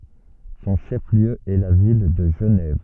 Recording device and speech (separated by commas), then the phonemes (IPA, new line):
soft in-ear microphone, read sentence
sɔ̃ ʃɛf ljø ɛ la vil də ʒənɛv